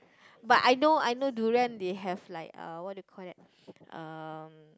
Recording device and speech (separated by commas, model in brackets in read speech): close-talking microphone, conversation in the same room